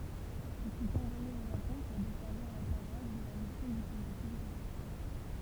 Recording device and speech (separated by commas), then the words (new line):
temple vibration pickup, read sentence
Il fut envoyé au Japon pour desservir la paroisse de la mission diplomatique russe.